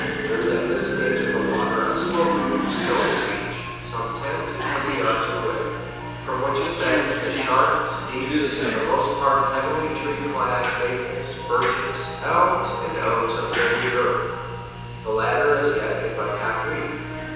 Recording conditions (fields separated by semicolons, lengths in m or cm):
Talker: one person; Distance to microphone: 7.1 m; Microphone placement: far; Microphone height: 1.7 m; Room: very reverberant, large; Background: television